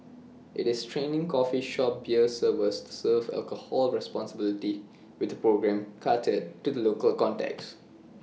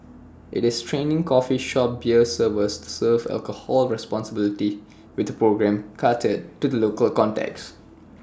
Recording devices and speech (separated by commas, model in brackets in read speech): mobile phone (iPhone 6), standing microphone (AKG C214), read sentence